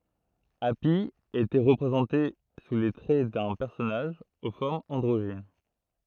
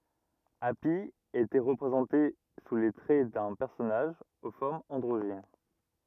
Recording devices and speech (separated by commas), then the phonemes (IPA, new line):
throat microphone, rigid in-ear microphone, read sentence
api etɛ ʁəpʁezɑ̃te su le tʁɛ dœ̃ pɛʁsɔnaʒ o fɔʁmz ɑ̃dʁoʒin